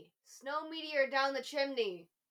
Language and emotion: English, neutral